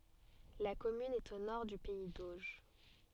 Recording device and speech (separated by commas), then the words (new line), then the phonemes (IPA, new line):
soft in-ear microphone, read sentence
La commune est au nord du pays d'Auge.
la kɔmyn ɛt o nɔʁ dy pɛi doʒ